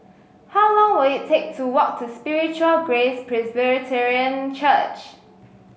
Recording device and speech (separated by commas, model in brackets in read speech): mobile phone (Samsung S8), read sentence